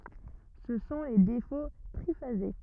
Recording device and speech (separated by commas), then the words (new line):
rigid in-ear microphone, read sentence
Ce sont les défauts triphasés.